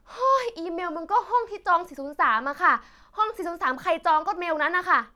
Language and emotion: Thai, frustrated